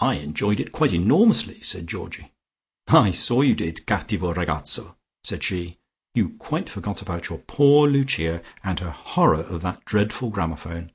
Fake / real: real